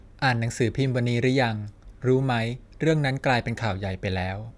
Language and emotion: Thai, neutral